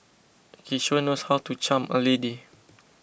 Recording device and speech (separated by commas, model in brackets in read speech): boundary microphone (BM630), read sentence